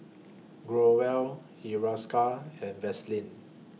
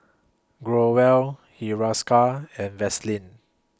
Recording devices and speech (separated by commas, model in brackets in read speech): mobile phone (iPhone 6), close-talking microphone (WH20), read sentence